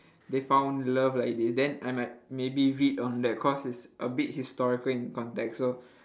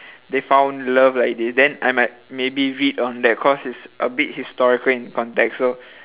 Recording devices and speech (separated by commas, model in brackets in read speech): standing microphone, telephone, conversation in separate rooms